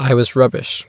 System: none